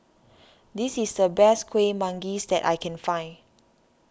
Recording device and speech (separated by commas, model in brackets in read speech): standing microphone (AKG C214), read sentence